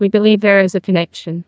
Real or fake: fake